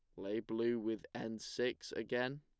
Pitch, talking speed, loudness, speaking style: 120 Hz, 165 wpm, -40 LUFS, plain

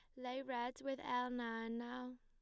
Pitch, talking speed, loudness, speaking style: 250 Hz, 180 wpm, -44 LUFS, plain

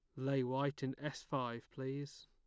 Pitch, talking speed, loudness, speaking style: 135 Hz, 175 wpm, -41 LUFS, plain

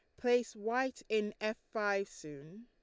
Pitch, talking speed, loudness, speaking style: 215 Hz, 150 wpm, -36 LUFS, Lombard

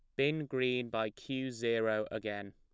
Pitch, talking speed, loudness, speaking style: 115 Hz, 155 wpm, -35 LUFS, plain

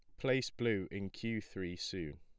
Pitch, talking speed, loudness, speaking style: 110 Hz, 180 wpm, -39 LUFS, plain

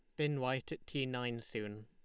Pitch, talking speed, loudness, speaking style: 125 Hz, 220 wpm, -39 LUFS, Lombard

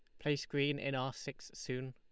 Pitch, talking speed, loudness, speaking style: 140 Hz, 210 wpm, -39 LUFS, Lombard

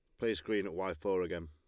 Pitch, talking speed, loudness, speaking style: 95 Hz, 280 wpm, -36 LUFS, Lombard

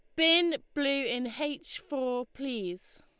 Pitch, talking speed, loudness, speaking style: 275 Hz, 130 wpm, -30 LUFS, Lombard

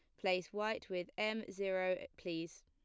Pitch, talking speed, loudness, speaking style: 190 Hz, 150 wpm, -40 LUFS, plain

